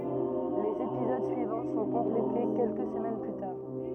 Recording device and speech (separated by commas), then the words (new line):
rigid in-ear microphone, read sentence
Les épisodes suivants sont complétés quelques semaines plus tard.